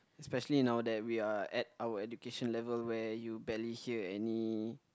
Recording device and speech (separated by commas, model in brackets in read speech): close-talking microphone, conversation in the same room